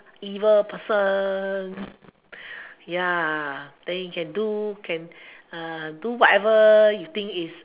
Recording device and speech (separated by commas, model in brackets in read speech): telephone, conversation in separate rooms